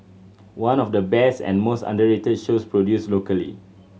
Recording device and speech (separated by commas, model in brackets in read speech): mobile phone (Samsung C7100), read sentence